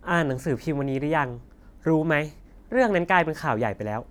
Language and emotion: Thai, frustrated